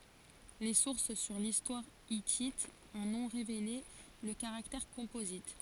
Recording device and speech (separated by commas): forehead accelerometer, read sentence